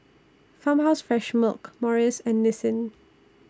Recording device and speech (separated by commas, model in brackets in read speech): standing microphone (AKG C214), read sentence